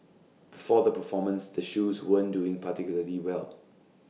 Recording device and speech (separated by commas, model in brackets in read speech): mobile phone (iPhone 6), read sentence